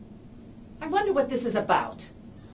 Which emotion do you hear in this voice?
disgusted